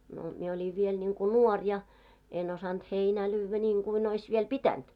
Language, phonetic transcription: Finnish, no mie oĺiv 'viel ńiŋku "nuɔr ja , en osant 'heinää 'lyyvvä ńiiŋɢuin ‿ois viel "pitänt .
- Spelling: no minä olin vielä niin kuin nuori ja en osannut heinää lyödä niin kuin olisi vielä pitänyt

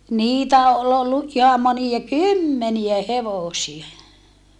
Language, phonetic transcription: Finnish, niitä̀ ol ‿ollu , ʼiham monia kymmeniä hevòsie .
- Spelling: niitä oli ollut ihan monia kymmeniä hevosia

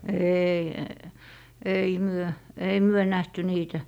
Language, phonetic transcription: Finnish, 'eei , ei 'myö , ei 'myö 'nähty "niitä .
- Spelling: ei ei me ei me nähty niitä

